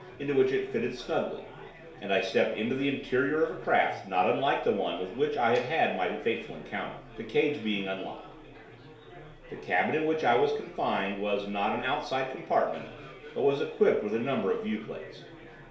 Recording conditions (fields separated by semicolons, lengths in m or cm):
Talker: one person; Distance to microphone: 1.0 m; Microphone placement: close; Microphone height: 1.1 m; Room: small (3.7 m by 2.7 m); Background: babble